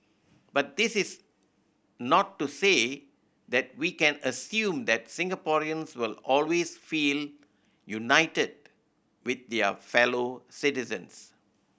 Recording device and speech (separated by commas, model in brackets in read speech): boundary microphone (BM630), read sentence